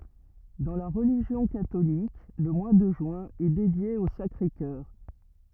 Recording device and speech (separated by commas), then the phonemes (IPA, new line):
rigid in-ear microphone, read sentence
dɑ̃ la ʁəliʒjɔ̃ katolik lə mwa də ʒyɛ̃ ɛ dedje o sakʁe kœʁ